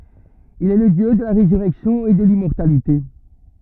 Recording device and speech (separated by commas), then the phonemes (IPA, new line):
rigid in-ear microphone, read sentence
il ɛ lə djø də la ʁezyʁɛksjɔ̃ e də limmɔʁtalite